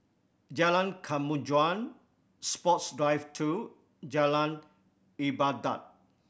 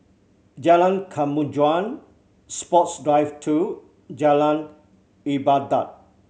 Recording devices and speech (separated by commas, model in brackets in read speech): boundary microphone (BM630), mobile phone (Samsung C7100), read sentence